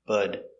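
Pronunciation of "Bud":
The word 'but' is said as 'bud': the t changes to a d sound.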